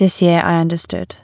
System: none